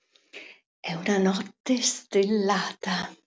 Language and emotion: Italian, happy